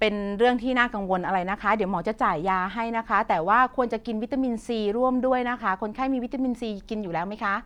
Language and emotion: Thai, neutral